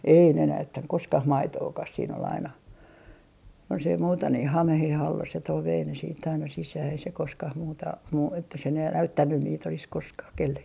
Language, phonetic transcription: Finnish, ei ne 'näyttäŋ 'koskah "maitookas siin ‿ol aina , jos ei 'muuta ni 'hamehe"h ‿alla se toi vei ne siitt ‿aina 'sisää ei se 'koskah 'muuta , muu- , että se ne l - "näyttännyn niit ‿olis 'koskaa , 'kellekkä .
- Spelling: ei ne näyttänyt koskaan maitoakaan siinä oli aina jos ei muuta niin hameen alla se toi vei ne sitten aina sisään ei se koskaan muuta - että se ne - näyttänyt niitä olisi koskaan kenellekään

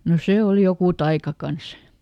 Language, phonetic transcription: Finnish, no ˈsè ol ˈjokù "taika ˈkans !
- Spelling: no se oli joku taika kanssa

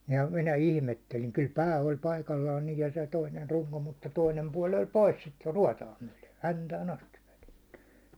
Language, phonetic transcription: Finnish, ja 'minä 'ilmetteliŋ kyl 'pää oĺ 'paikallaan niij ja se 'toiner 'ruŋko , mutta toinem puål oĺ "pois sit 'ruaåtaa myäₒle , "häntään astiv velᴇttʏ .
- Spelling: ja minä ihmettelin kyllä pää oli paikallaan niin ja se toinen runko mutta toinen puoli oli pois sitä ruotoa myöden häntään asti vedetty

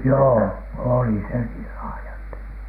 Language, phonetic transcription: Finnish, joo , "òli se niil 'laaja että ,.
- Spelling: joo oli se niin laaja että

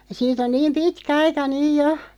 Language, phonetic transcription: Finnish, 'siit ‿on 'niim "pitkä 'aika 'nyʲ 'jo .
- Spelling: siitä on niin pitkä aika nyt jo

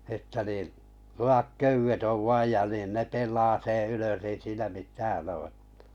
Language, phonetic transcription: Finnish, että niin̬ , 'lu₍ak "köywet ov 'vaij ja nin 'ne 'pel̆laa 'seḛ ylös ei siinä 'mitään oo ᴇttᴀ̈ .
- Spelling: että niin lujat köydet on vain ja niin ne pelaa sen ylös ei siinä mitään ole että

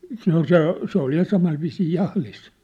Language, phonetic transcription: Finnish, 'se ‿ol "se , se ‿ol ja 'samai viisii 'jahlis .
- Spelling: se oli se se oli ja samalla viisiin jahdissa

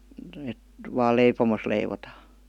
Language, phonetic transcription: Finnish, et , vaal 'leipomos leivotaa .
- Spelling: että vain leipomossa leivotaan

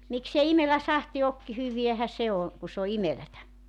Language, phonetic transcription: Finnish, miksei 'imelä "sahti ok , 'hyviähä "se o , ku s ‿o "imelätä .
- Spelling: miksi ei imelä sahti ole hyväähän se on kun se on imelää

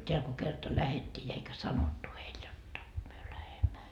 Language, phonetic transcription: Finnish, teäl ko 'kerta "lähettii ja eikä "sanottu heil jotta , myö 'lähemmä .
- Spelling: täällä kun kerta lähdettiin ja eikä sanottu heille jotta me lähdemme

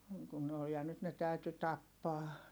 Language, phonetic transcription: Finnish, (niiŋ) kun ne oj ja nyt ne tä̀yty tappaa .
- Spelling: niin kuin ne on ja nyt ne täytyi tappaa

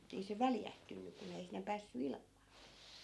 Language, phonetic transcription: Finnish, ettei se "väljähtynny 'kun ‿ei sinne päässy 'ilm̆mAA .
- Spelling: että ei se väljähtynyt kun ei sinne päässyt ilmaa

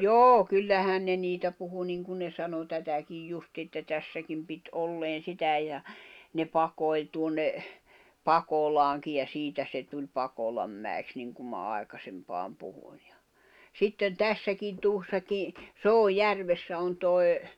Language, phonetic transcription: Finnish, joo 'kyllähän ne 'niitä puhu 'niŋkun ne sano 'tätäkij 'justi̳ että 'tässäkim pit '’olleen̬ 'sitä ja , ne 'pakoi̬l tuonne , "Pakolaaŋkij̆ ja 'siitä se tuĺ 'Pakolammäi̬ks niŋkum ma ài̬kasempaam puhᴜɴ́ ᴊᴀ , 'sitten "tässäkin 'tuossaki , "Soo"järvessä on toi̬, ...
- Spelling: joo kyllähän ne niitä puhui niin kuin ne sanoi tätäkin justiin että tässäkin piti olleen sitä ja ne pakoili tuonne Pakolaankin ja siitä se tuli Pakolanmäeksi niin kuin minä aikaisempaan puhuin ja sitten tässäkin tuossakin Soojärvessä on tuo

